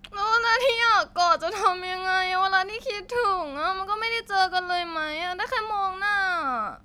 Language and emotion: Thai, sad